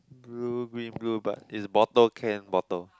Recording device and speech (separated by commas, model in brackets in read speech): close-talking microphone, conversation in the same room